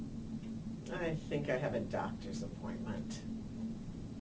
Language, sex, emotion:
English
female
disgusted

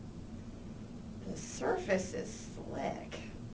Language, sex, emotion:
English
female
disgusted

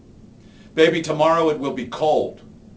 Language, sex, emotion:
English
male
angry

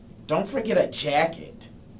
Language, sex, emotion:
English
male
disgusted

